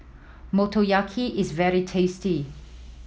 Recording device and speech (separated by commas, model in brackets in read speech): mobile phone (iPhone 7), read sentence